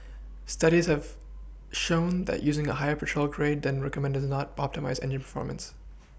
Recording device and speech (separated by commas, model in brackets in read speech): boundary microphone (BM630), read sentence